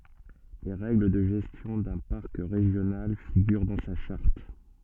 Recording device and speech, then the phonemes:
soft in-ear microphone, read sentence
le ʁɛɡl də ʒɛstjɔ̃ dœ̃ paʁk ʁeʒjonal fiɡyʁ dɑ̃ sa ʃaʁt

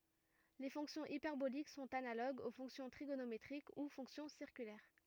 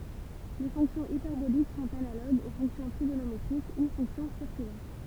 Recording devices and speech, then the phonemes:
rigid in-ear microphone, temple vibration pickup, read sentence
le fɔ̃ksjɔ̃z ipɛʁbolik sɔ̃t analoɡz o fɔ̃ksjɔ̃ tʁiɡonometʁik u fɔ̃ksjɔ̃ siʁkylɛʁ

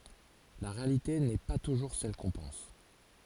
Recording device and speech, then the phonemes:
forehead accelerometer, read sentence
la ʁealite nɛ pa tuʒuʁ sɛl kɔ̃ pɑ̃s

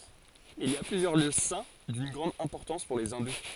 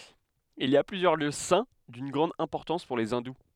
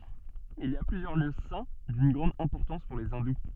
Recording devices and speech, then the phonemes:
forehead accelerometer, headset microphone, soft in-ear microphone, read sentence
il i a plyzjœʁ ljø sɛ̃ dyn ɡʁɑ̃d ɛ̃pɔʁtɑ̃s puʁ le ɛ̃du

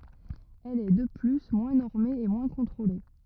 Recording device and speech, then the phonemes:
rigid in-ear microphone, read sentence
ɛl ɛ də ply mwɛ̃ nɔʁme e mwɛ̃ kɔ̃tʁole

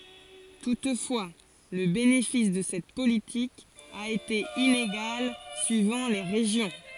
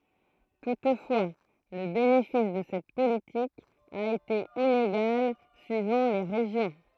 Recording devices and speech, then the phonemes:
forehead accelerometer, throat microphone, read sentence
tutfwa lə benefis də sɛt politik a ete ineɡal syivɑ̃ le ʁeʒjɔ̃

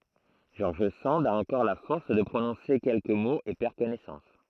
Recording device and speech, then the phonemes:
throat microphone, read sentence
ʒɔʁʒ sɑ̃d a ɑ̃kɔʁ la fɔʁs də pʁonɔ̃se kɛlkə moz e pɛʁ kɔnɛsɑ̃s

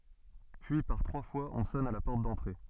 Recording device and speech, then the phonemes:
soft in-ear microphone, read sentence
pyi paʁ tʁwa fwaz ɔ̃ sɔn a la pɔʁt dɑ̃tʁe

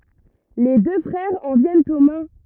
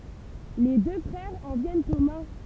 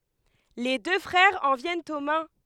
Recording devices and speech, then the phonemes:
rigid in-ear microphone, temple vibration pickup, headset microphone, read sentence
le dø fʁɛʁz ɑ̃ vjɛnt o mɛ̃

